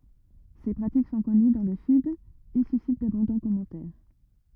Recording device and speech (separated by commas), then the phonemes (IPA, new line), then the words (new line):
rigid in-ear microphone, read sentence
se pʁatik sɔ̃ kɔny dɑ̃ lə syd e sysit dabɔ̃dɑ̃ kɔmɑ̃tɛʁ
Ces pratiques sont connues dans le Sud et suscitent d'abondants commentaires.